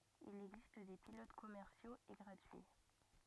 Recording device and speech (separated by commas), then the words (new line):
rigid in-ear microphone, read sentence
Il existe des pilotes commerciaux et gratuits.